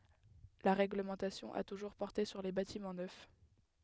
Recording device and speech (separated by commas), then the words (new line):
headset microphone, read sentence
La règlementation a toujours porté sur les bâtiments neufs.